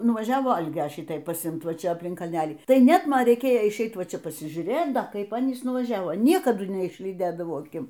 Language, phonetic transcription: Lithuanian, nuvaˈžiavo ˈalgia ˈšitai pasiˈimt ˈva ˈčia apˈlink kalˈnelį ˈtai ˈnet ˈman reiˈkėjo išˈeit ˈva ˈčia pasižiūˈrėt ˈda ˈkaip ˈanys nuvaˈžiavo ˈniekadu neišlyˈdėdavau aˈkim

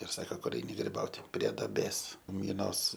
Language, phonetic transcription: Lithuanian, ir ˈsako ˈkur ˈeini griˈbauti prie daˈbės miˈnos

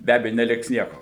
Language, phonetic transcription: Lithuanian, be ˈabeju neˈliks ˈnieko

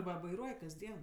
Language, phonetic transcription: Lithuanian, ˈva vaiˈruoj kasˈdien

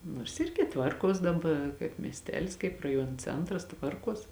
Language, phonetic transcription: Lithuanian, nors ˈirgi ˈtvarˌkuos daˈba kaip miesˈtelis kaip raˈjuon ˈcentras ˈtvarˌkuos

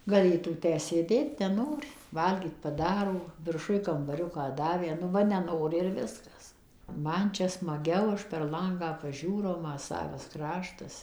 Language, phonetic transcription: Lithuanian, gaˈlėtų ˈtę sėˈdėt neˈnori ˈvalgyt paˈdaro virˈšuj kambaˈriuką ˈdavė nu ˈva neˈnori ir ˈviskas ˈman ˈčia smaˈgiau ˈaš perˈ langą paˈžiūrau ˈma ˈsavas ˈkraštas

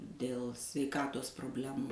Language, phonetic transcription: Lithuanian, dėl sveiˈkatos probˈlemu

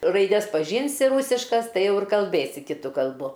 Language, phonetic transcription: Lithuanian, raiˈdes paˈžynsi ˈrūsiškas ˈtai ˈjau ir kalˈbėsi kiˈtu kalˈbu

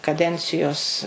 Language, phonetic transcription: Lithuanian, kaˈdencijos

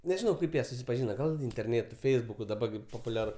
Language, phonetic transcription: Lithuanian, nežiˈnau ˈkaip jie susipaˈžyna ˈgal interˈnėtu ˈfeisbuku ˈdaba gi popuˈliaru

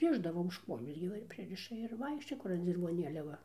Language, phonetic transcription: Lithuanian, ˈrišdavo už ˈkuojos gi ˈva ir ˈpririša ir ˈvaikščioja ˈkur an dzirvoˈnėlia ˈva

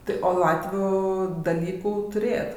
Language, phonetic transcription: Lithuanian, ˈtai o ˈlatvių daˈlykų tuˈrėjat

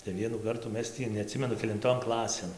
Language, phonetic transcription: Lithuanian, tai ˈvienų ˈkartų ˈmes tį neaˈtsimenu kelinˈton ˈklasėn

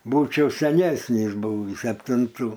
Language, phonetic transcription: Lithuanian, ˈbūčiau seˈnesnys buˈvys septinˈtų

